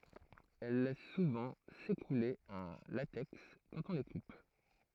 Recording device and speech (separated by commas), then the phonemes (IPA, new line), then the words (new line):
throat microphone, read sentence
ɛl lɛs suvɑ̃ sekule œ̃ latɛks kɑ̃t ɔ̃ le kup
Elles laissent souvent s'écouler un latex quand on les coupe.